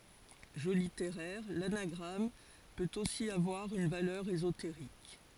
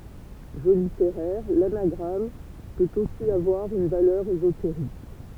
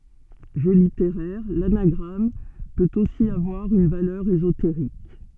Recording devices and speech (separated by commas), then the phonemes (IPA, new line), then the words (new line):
forehead accelerometer, temple vibration pickup, soft in-ear microphone, read sentence
ʒø liteʁɛʁ lanaɡʁam pøt osi avwaʁ yn valœʁ ezoteʁik
Jeu littéraire, l'anagramme peut aussi avoir une valeur ésotérique.